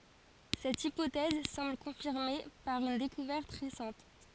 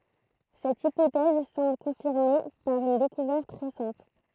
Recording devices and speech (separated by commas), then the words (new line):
forehead accelerometer, throat microphone, read sentence
Cette hypothèse semble confirmée par une découverte récente.